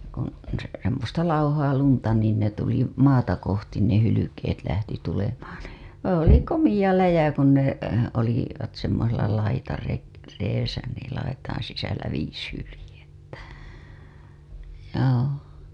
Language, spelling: Finnish, kun - semmoista lauhaa lunta niin ne tuli maata kohti ne hylkeet lähti tulemaan niin se oli komea läjä kun ne - olivat semmoisella - laitareessä niin laitojen sisällä viisi hyljettä joo
- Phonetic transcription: kun̬ , se- , semmosta "lauhaa 'lunta niin ne tuli , "maata kohtin ne 'hylykeet lähti tulemaan nII , se 'oli "komija 'läjä kun ne , oli- , -vat semmosella laitarek- , reesä niil laitaiḭ sisällä viis hylĭjettä , joo .

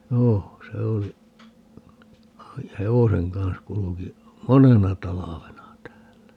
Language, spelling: Finnish, joo se oli oli hevosen kanssa kulki monena talvena täällä
- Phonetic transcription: 'joo , 'se oli , (oli) , "hevoseŋ 'kans 'kuluki , "monena 'talavena 'täällä .

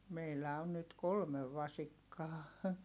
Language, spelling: Finnish, meillä on nyt kolme vasikkaa
- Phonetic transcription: meillä on nyt kolmev vasikkaa .

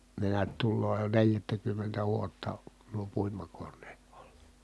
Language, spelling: Finnish, ne näet tulee jo neljättäkymmentä vuotta nuo puimakoneet olla
- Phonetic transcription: ne neät tulloo jo neljättäkymmentä vuotta , nuo puimakonneet OLLA .

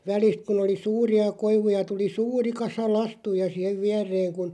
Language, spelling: Finnish, välistä kun oli suuria koivuja tuli suuri kasa lastuja siihen viereen kun
- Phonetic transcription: 'välist kun ‿oli "suuri₍a 'koivuja 'tuli "sûri 'kasa "lastuja siɛ*hev 'viäreeŋ kun̬ ,.

